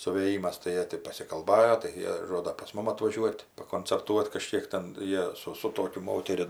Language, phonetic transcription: Lithuanian, suvėˈjymas tai ˈjie ti pasikalˈbajo tai ˈjie ˈžoda pas ˈmum atvaˈžiuot' pakoncerˈtuot kaˈžkiek ten ˈjie su su ˈtokiu ˈmoteri

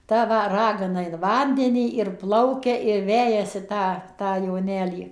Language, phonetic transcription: Lithuanian, ˈta ˈva ˈragana in ˈvandenį ir ˈplaukia ir ˈvejasi ˈtą ˈtą joˈnelį

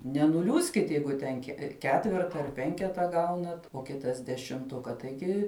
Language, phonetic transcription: Lithuanian, nenuˈliūskit ˈjeigu ten ke ˈketverta ar ˈpenketa ˈgaunat o ˈkitas dešimˈtuka taiˈgi

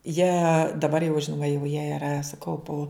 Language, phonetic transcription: Lithuanian, jie daˈbar jau ˈžinoma jau jie iˈra su ˈkaupu

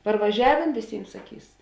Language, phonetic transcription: Lithuanian, parvaˈžiavėn vėˈsym saˈkys

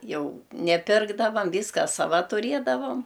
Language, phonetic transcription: Lithuanian, ˈjau neˈpirkdavam ˈvyska saˈva tuˈrėdavom

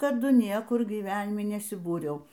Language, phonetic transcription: Lithuanian, taˈdu ˈniekur gyˈvenimi nesiˈbūriau

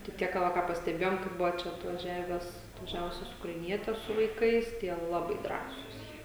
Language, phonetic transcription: Lithuanian, tai ˈtiek ka ˈva ką pasteˈbėjom kai ˈbuvo ˈčia atvaˈžiavęs atvaˈžiavusias ukraiˈnietes su vaiˈkais tie ˈlabai ˈdrąsūs jie

